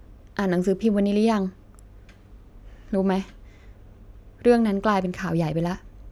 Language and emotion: Thai, frustrated